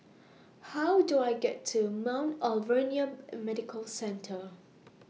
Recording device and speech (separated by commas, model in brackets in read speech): mobile phone (iPhone 6), read sentence